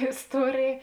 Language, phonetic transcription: Lithuanian, isˈtuorėj

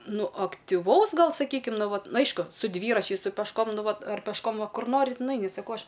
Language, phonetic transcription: Lithuanian, ˈnu aktiˈvaus ˈgal saˈkykim ˈnu ˈvat ˈnu ˈaišku su ˈdvyračiais su pešˈkom ˈnu ˈvat ar pešˈkom ˈva ˈkur ˈnorit nuˈaini saˈkau ˈaš

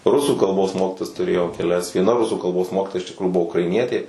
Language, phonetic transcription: Lithuanian, ˈrusų kalˈbos ˈmokitojas tuˈrėjau keˈlias vieˈna ˈrusų kalˈbos ˈmokytoja iš tikˈrųju ˈbuvo ukraiˈnietė

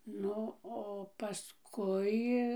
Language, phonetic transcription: Lithuanian, ˈnu o paˈskui

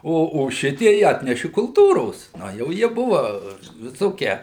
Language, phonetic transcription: Lithuanian, ˈo o ˈšitiej ˈatneši kulˈtūros ˈna jau ˈjie buva viˈsokie

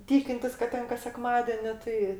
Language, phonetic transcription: Lithuanian, ˈtykintis kad ˈten kas seˈkmadėni ˈtai

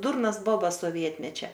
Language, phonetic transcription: Lithuanian, ˈdurnas ˈbobas soˈvietmečia

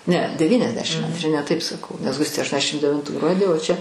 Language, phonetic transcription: Lithuanian, ne deˈvyniasdešim antˈri ne taip saˈkau nes ˈgustė aštuoniaˈsdešim devinˈtų ˈgruodį o ˈčia

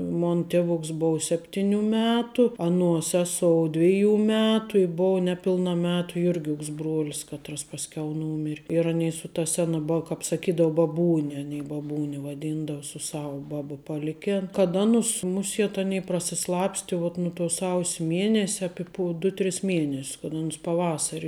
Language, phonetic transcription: Lithuanian, ˈmon ˈtevoks ˈbov ˈsepˈtiniu ˈmetu ˈanuo ˈseˈsou ˈdviˈjų ˈmetu i ˈbovə neˈpilna ˈmetu ˈjurˌgiuks ˈbruolis ˈkatras pasˈkiau ˈnūmir' ir aˈnei su ta ˈsena ba kāp saˈkydou baˈbūne aˈnei baˈbūni vaˈdyndau su ˈsava ˈbaba paˈlikėn kad ˈanus ˈmusiet ˈanei prasiˈslapsti vuot nu tuo ˈsaus' ˈmienese ˈapi po du ˈtris ˈmieness kad ˈanus paˈvasari

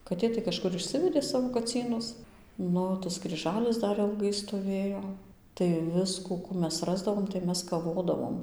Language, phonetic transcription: Lithuanian, kaˈtė tai kažˈkur išˈsivedė ˈsavo kaˈcynus ˈnu tas kryˈžalis ˈdar ilˈgai stoˈvėjo tai ˈviskų ˈkų ˈmes ˈrasdavom tai ˈmes kaˈvodavom

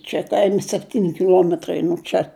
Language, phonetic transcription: Lithuanian, čia ˈkaimi sepˈtyni kiˈluometrai nuo ˈčia

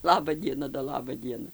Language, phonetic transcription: Lithuanian, ˈlaba ˈdiena do ˈlaba ˈdiena

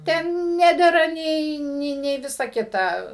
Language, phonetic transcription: Lithuanian, ˈten ˈnedera ˈnei ˈnei nei ˈvisa ˈkita

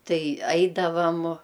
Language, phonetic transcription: Lithuanian, ˈtai ˈaidavam

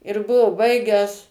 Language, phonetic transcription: Lithuanian, ir ˈbuvo ˈbaigęs

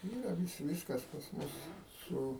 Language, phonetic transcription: Lithuanian, ˈyra ˈvis ˈvyskas pas ˈmus ˈsu

